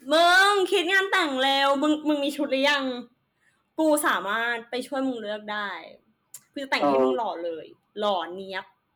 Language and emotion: Thai, happy